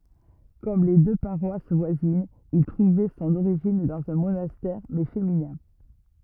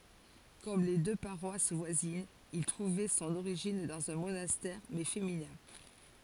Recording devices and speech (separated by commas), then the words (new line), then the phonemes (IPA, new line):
rigid in-ear microphone, forehead accelerometer, read sentence
Comme les deux paroisses voisines, il trouvait son origine dans un monastère, mais féminin.
kɔm le dø paʁwas vwazinz il tʁuvɛ sɔ̃n oʁiʒin dɑ̃z œ̃ monastɛʁ mɛ feminɛ̃